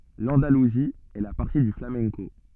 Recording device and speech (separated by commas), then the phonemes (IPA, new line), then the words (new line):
soft in-ear microphone, read sentence
lɑ̃daluzi ɛ la patʁi dy flamɛ̃ko
L'Andalousie est la patrie du flamenco.